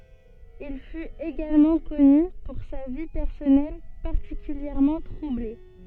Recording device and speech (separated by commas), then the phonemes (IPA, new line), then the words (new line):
soft in-ear microphone, read sentence
il fyt eɡalmɑ̃ kɔny puʁ sa vi pɛʁsɔnɛl paʁtikyljɛʁmɑ̃ tʁuble
Il fut également connu pour sa vie personnelle particulièrement troublée.